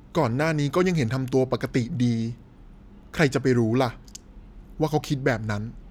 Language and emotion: Thai, frustrated